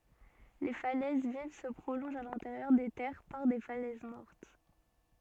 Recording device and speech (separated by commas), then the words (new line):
soft in-ear microphone, read sentence
Les falaises vives se prolongent à l'intérieur des terres par des falaises mortes.